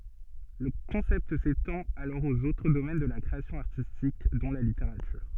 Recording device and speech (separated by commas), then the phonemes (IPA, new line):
soft in-ear microphone, read sentence
lə kɔ̃sɛpt setɑ̃t alɔʁ oz otʁ domɛn də la kʁeasjɔ̃ aʁtistik dɔ̃ la liteʁatyʁ